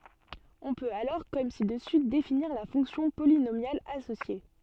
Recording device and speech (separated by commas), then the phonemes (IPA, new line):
soft in-ear microphone, read sentence
ɔ̃ pøt alɔʁ kɔm si dəsy definiʁ la fɔ̃ksjɔ̃ polinomjal asosje